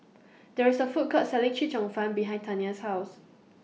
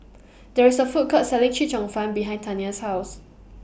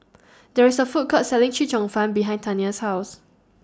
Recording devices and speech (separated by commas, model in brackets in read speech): mobile phone (iPhone 6), boundary microphone (BM630), standing microphone (AKG C214), read sentence